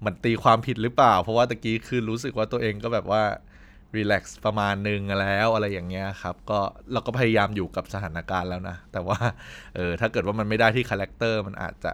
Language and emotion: Thai, happy